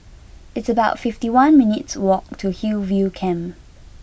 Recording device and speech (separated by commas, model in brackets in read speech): boundary microphone (BM630), read sentence